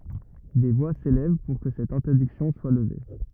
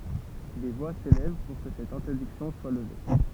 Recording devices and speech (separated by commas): rigid in-ear microphone, temple vibration pickup, read sentence